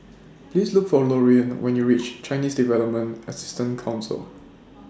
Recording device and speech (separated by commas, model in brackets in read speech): standing microphone (AKG C214), read sentence